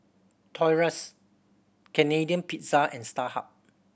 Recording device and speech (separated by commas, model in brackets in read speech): boundary microphone (BM630), read sentence